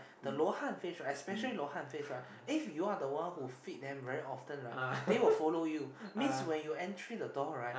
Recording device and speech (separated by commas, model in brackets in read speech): boundary microphone, conversation in the same room